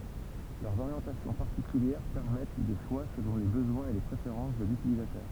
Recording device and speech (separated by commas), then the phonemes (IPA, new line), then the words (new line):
temple vibration pickup, read sentence
lœʁz oʁjɑ̃tasjɔ̃ paʁtikyljɛʁ pɛʁmɛt de ʃwa səlɔ̃ le bəzwɛ̃z e le pʁefeʁɑ̃s də lytilizatœʁ
Leurs orientations particulières permettent des choix selon les besoins et les préférences de l'utilisateur.